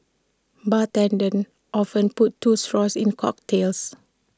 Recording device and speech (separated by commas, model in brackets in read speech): standing microphone (AKG C214), read sentence